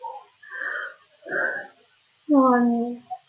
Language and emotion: Thai, frustrated